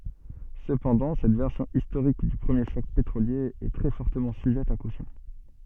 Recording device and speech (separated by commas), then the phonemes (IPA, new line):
soft in-ear microphone, read sentence
səpɑ̃dɑ̃ sɛt vɛʁsjɔ̃ istoʁik dy pʁəmje ʃɔk petʁolje ɛ tʁɛ fɔʁtəmɑ̃ syʒɛt a kosjɔ̃